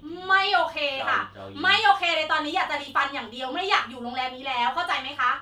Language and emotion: Thai, angry